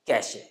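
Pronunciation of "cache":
'Cache' is pronounced incorrectly here.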